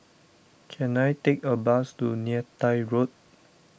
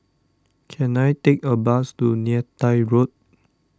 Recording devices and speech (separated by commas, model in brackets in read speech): boundary microphone (BM630), standing microphone (AKG C214), read sentence